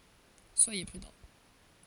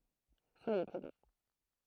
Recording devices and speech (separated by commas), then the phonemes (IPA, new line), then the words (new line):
forehead accelerometer, throat microphone, read sentence
swaje pʁydɑ̃
Soyez prudents.